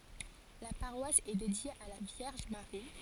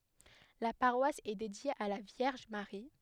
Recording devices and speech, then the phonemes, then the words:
forehead accelerometer, headset microphone, read sentence
la paʁwas ɛ dedje a la vjɛʁʒ maʁi
La paroisse est dédiée à la Vierge Marie.

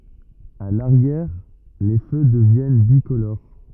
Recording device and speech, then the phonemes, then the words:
rigid in-ear microphone, read sentence
a laʁjɛʁ le fø dəvjɛn bikoloʁ
A l'arrière, les feux deviennent bicolores.

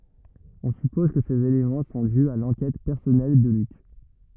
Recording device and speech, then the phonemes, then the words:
rigid in-ear microphone, read sentence
ɔ̃ sypɔz kə sez elemɑ̃ sɔ̃ dy a lɑ̃kɛt pɛʁsɔnɛl də lyk
On suppose que ces éléments sont dus à l’enquête personnelle de Luc.

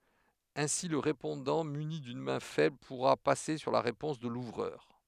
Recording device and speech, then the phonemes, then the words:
headset microphone, read sentence
ɛ̃si lə ʁepɔ̃dɑ̃ myni dyn mɛ̃ fɛbl puʁa pase syʁ la ʁepɔ̃s də luvʁœʁ
Ainsi le répondant muni d'une main faible pourra passer sur la réponse de l'ouvreur.

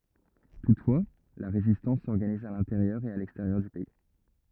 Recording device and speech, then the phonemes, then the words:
rigid in-ear microphone, read sentence
tutfwa la ʁezistɑ̃s sɔʁɡaniz a lɛ̃teʁjœʁ e a lɛksteʁjœʁ dy pɛi
Toutefois, la résistance s'organise à l’intérieur et à l’extérieur du pays.

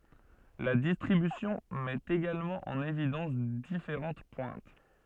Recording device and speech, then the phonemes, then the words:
soft in-ear microphone, read sentence
la distʁibysjɔ̃ mɛt eɡalmɑ̃ ɑ̃n evidɑ̃s difeʁɑ̃t pwɛ̃t
La distribution met également en évidence différentes pointes.

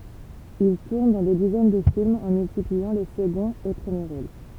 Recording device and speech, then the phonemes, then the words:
temple vibration pickup, read sentence
il tuʁn dɑ̃ de dizɛn də filmz ɑ̃ myltipliɑ̃ le səɡɔ̃z e pʁəmje ʁol
Il tourne dans des dizaines de films, en multipliant les seconds et premiers rôles.

